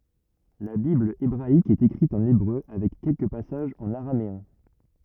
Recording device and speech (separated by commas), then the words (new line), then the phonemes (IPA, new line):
rigid in-ear microphone, read sentence
La Bible hébraïque est écrite en hébreu avec quelques passages en araméen.
la bibl ebʁaik ɛt ekʁit ɑ̃n ebʁø avɛk kɛlkə pasaʒz ɑ̃n aʁameɛ̃